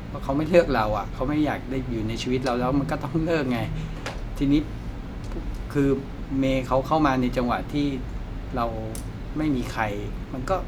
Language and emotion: Thai, frustrated